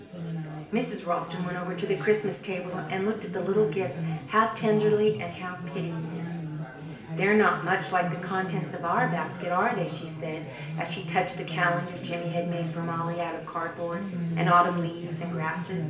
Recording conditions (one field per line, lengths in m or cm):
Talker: one person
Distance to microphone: 1.8 m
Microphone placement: close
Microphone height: 1.0 m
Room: large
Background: babble